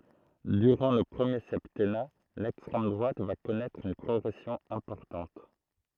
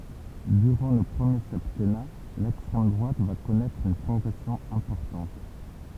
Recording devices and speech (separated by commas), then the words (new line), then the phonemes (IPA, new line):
throat microphone, temple vibration pickup, read sentence
Durant le premier septennat, l'extrême droite va connaître une progression importante.
dyʁɑ̃ lə pʁəmje sɛptɛna lɛkstʁɛm dʁwat va kɔnɛtʁ yn pʁɔɡʁɛsjɔ̃ ɛ̃pɔʁtɑ̃t